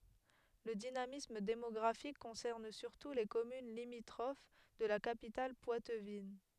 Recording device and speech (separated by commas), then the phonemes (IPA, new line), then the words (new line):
headset microphone, read sentence
lə dinamism demɔɡʁafik kɔ̃sɛʁn syʁtu le kɔmyn limitʁof də la kapital pwatvin
Le dynamisme démographique concerne surtout les communes limitrophes de la capitale poitevine.